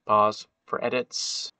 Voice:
"just doing my job" voice